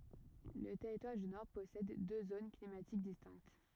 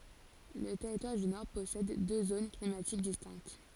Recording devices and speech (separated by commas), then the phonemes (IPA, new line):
rigid in-ear microphone, forehead accelerometer, read sentence
lə tɛʁitwaʁ dy nɔʁ pɔsɛd dø zon klimatik distɛ̃kt